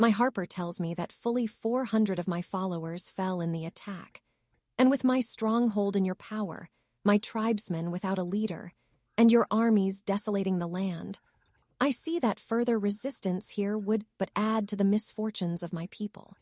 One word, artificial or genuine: artificial